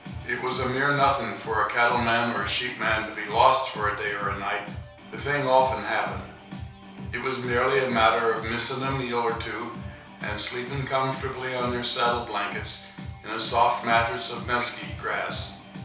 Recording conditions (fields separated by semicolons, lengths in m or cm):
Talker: one person; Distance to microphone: 3.0 m; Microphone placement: far; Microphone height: 1.8 m; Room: small (3.7 m by 2.7 m); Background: music